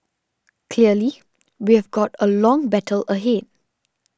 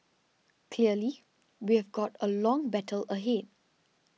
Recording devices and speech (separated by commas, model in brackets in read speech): standing microphone (AKG C214), mobile phone (iPhone 6), read sentence